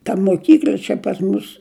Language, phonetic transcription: Lithuanian, ta moˈkykl'a čia pas ˈmus

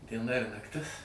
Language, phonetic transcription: Lithuanian, dieˈna ir nakˈtis

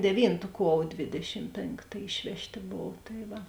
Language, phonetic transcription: Lithuanian, deˈvyntu ˈkuov ˈdvėdešim ˈpėnkta ˈišvežˌtė ˈbov tai ˈva

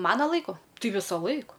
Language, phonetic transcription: Lithuanian, ˈmana ˈlaiku ˈtai ˈvisaˌlaik

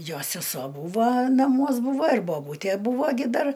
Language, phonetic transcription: Lithuanian, ˈjo seˈso ˈbūva naˈmuos ˈbūva ir boˈbūtæ ˈbūvo ˈgi ˈdar

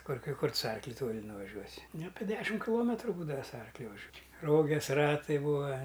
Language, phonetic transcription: Lithuanian, ˈkur ˈkai ˈkur tu su ˈarkliu ˈtoli nuvaˈžiuosi nu ˈape ˈdešim kiˈlometru ˈbūdava su ˈarkliu vaˈžiuo ˈroges ˈratai ˈbūa

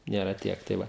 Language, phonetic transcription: Lithuanian, ˈnėra ˈtiek tai ˈva

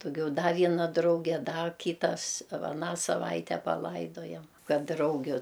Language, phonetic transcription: Lithuanian, duˈgiau ˈda vieˈna ˈdrauge ˈda ˈkytas va aˈną saˈvaite paˈlaidojam ˈkad ˈdraugiu

